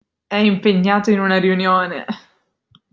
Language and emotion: Italian, disgusted